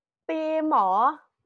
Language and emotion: Thai, happy